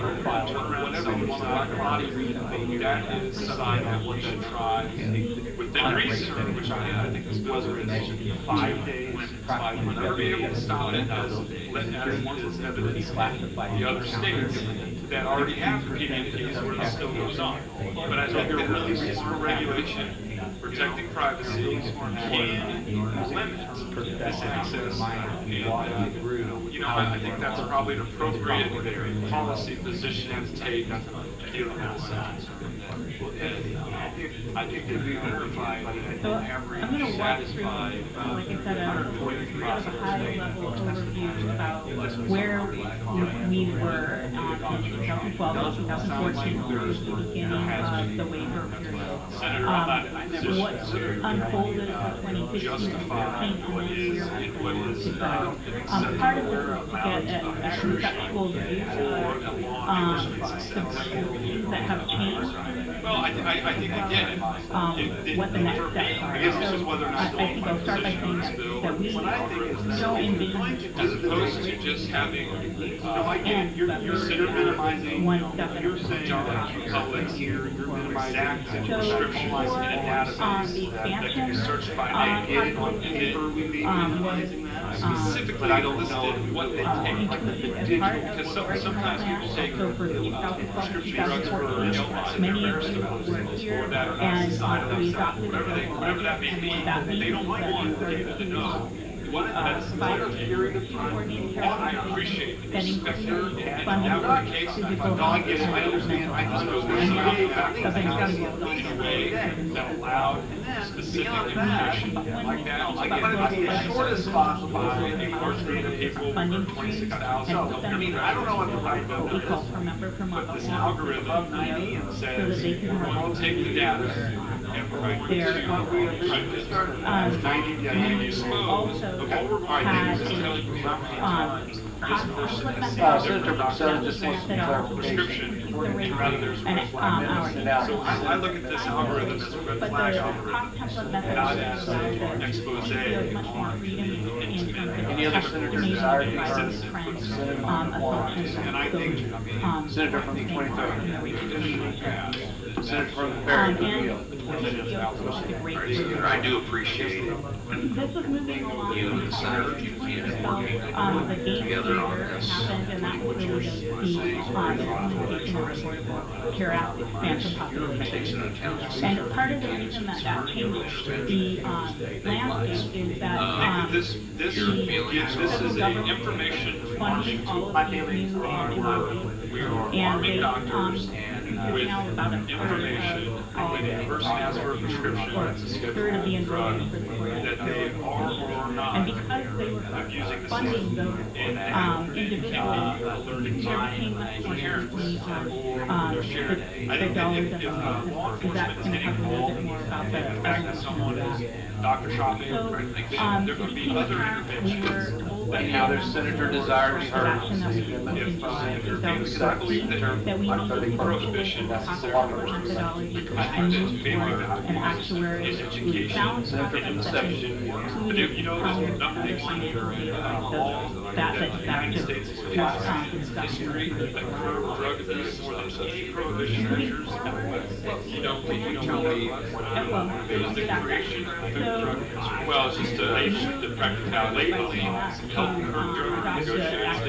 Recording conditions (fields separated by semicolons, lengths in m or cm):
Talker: no one; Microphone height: 1.1 m; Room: large; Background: babble